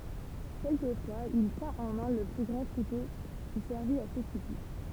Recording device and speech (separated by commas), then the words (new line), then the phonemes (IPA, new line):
temple vibration pickup, read sentence
Quelquefois, il tient en main le grand couteau qui servit à ce supplice.
kɛlkəfwaz il tjɛ̃t ɑ̃ mɛ̃ lə ɡʁɑ̃ kuto ki sɛʁvit a sə syplis